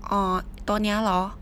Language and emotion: Thai, neutral